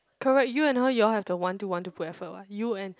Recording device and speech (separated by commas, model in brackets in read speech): close-talking microphone, conversation in the same room